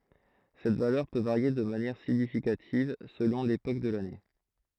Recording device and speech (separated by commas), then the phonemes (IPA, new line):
throat microphone, read sentence
sɛt valœʁ pø vaʁje də manjɛʁ siɲifikativ səlɔ̃ lepok də lane